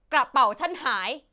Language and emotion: Thai, angry